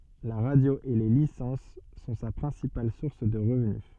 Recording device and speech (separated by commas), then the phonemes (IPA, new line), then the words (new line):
soft in-ear microphone, read sentence
la ʁadjo e le lisɑ̃s sɔ̃ sa pʁɛ̃sipal suʁs də ʁəvny
La radio et les licences sont sa principale source de revenu.